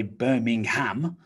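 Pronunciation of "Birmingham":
In 'Birmingham', the last syllable is said as a full 'ham' rather than reduced to 'um', which is not how the name is really said.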